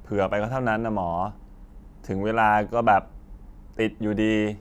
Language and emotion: Thai, frustrated